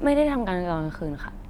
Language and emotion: Thai, neutral